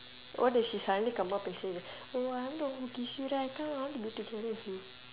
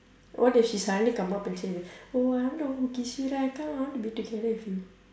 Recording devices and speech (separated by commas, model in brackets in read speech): telephone, standing microphone, conversation in separate rooms